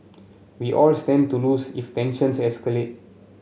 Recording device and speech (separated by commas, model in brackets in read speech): mobile phone (Samsung C7), read sentence